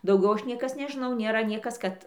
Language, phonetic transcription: Lithuanian, dauˈgiau ˈaš ˈniekas nežiˈnau nėˈra ˈniekas kad

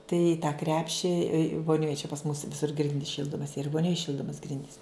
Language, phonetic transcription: Lithuanian, tai i tą ˈkrepši voˈnioj čia pas mus viˈsur ˈgrindys ˈšyldomas yr i voˈnioj ˈšyldomas ˈgrindys

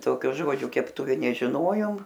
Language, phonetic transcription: Lithuanian, ˈtokio ˈžodžio kepˈtuvi nežiˈnojom

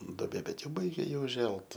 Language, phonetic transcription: Lithuanian, doˈbė ˈbet ˈjau ˈbaigia ˈji uˈželt

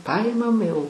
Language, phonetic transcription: Lithuanian, ˈpaimam jau

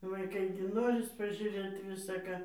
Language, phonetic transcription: Lithuanian, vaiˈkai gi ˈnoris pažiūˈrėt visa ˈką

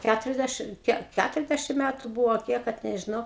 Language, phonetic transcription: Lithuanian, ˈkæturiasˌdæšim ˈkiek ˈkæturiasˌdæšim ˈmetu ˈbuvo a ˈkiek kad nežiˈnau

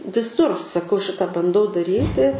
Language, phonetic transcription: Lithuanian, viˈsur saˈkau ˈšita banˈdau daˈryti

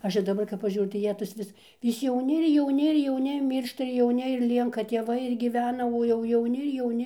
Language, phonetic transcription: Lithuanian, ˈaš ir daˈbar kap paˈžiūriu tai ˈjie tas ˈvis vis jauˈni ir jauˈni ir jauˈni ˈmyršta ir jauˈni ir ˈlienka tėˈvai ir gyˈvena o jau jauˈni ir jauˈni

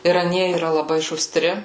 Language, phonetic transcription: Lithuanian, ir aˈnie yˈra laˈbai šuˈstri

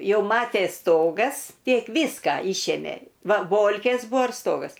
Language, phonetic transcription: Lithuanian, ˈjau ˈmatės ˈstogas ˈtiek ˈvyska ˈyšėmė ˈva ˈbolkės ˈbuo ir ˈstogas

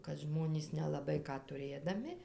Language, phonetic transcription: Lithuanian, kad ˈžmonys nelaˈbai ˈką tuˈrėdami

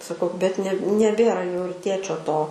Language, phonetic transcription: Lithuanian, saˈkau bet ne neˈbėra jau ir ˈtėčio ˈto

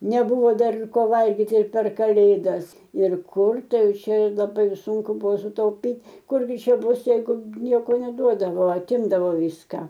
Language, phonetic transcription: Lithuanian, neˈbūvo ˈdar ir ˈko ˈvalgiti ir per kaˈlėdas ir ˈkur ˈtai ˈjauˈčia laˈbai ir ˈsūnku ˈbuvo sutauˈpyt' ˈkur gi ˈčia ˈbus jeiˈgu ˈnieko neˈduodavo aˈtimdavo ˈvyską

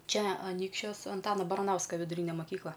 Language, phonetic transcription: Lithuanian, ˈčia aˈnykščios anˈtana baraˈnauska viduˈryne maˈkykla

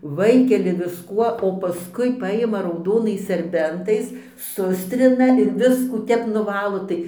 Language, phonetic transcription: Lithuanian, ˈvaikeli visˈkuo o paˈskui ˈpajima rauˈdonais serˈbentais ˈsustrina ir ˈviskų ˈtep nuˈvalo ˈtai

